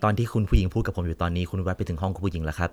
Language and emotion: Thai, neutral